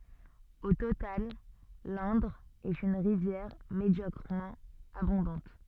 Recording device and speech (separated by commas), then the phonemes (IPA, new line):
soft in-ear microphone, read sentence
o total lɛ̃dʁ ɛt yn ʁivjɛʁ medjɔkʁəmɑ̃ abɔ̃dɑ̃t